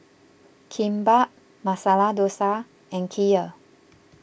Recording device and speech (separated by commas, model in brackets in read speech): boundary microphone (BM630), read sentence